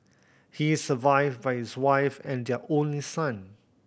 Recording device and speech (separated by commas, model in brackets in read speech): boundary microphone (BM630), read sentence